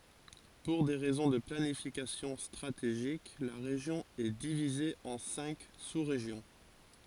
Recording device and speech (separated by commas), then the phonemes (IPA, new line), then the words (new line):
forehead accelerometer, read sentence
puʁ de ʁɛzɔ̃ də planifikasjɔ̃ stʁateʒik la ʁeʒjɔ̃ ɛ divize ɑ̃ sɛ̃k susʁeʒjɔ̃
Pour des raisons de planification stratégique, la région est divisée en cinq sous-régions.